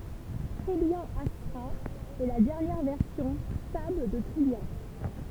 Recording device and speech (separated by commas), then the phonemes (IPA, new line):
temple vibration pickup, read sentence
tʁijjɑ̃ astʁa ɛ la dɛʁnjɛʁ vɛʁsjɔ̃ stabl də tʁijjɑ̃